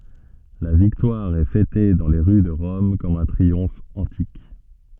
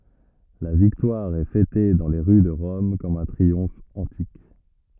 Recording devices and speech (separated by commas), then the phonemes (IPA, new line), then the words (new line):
soft in-ear microphone, rigid in-ear microphone, read sentence
la viktwaʁ ɛ fɛte dɑ̃ le ʁy də ʁɔm kɔm œ̃ tʁiɔ̃f ɑ̃tik
La victoire est fêtée dans les rues de Rome comme un triomphe antique.